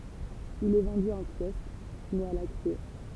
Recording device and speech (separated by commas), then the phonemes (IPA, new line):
temple vibration pickup, read sentence
il ɛ vɑ̃dy ɑ̃ kjɔsk mɛz a la kʁie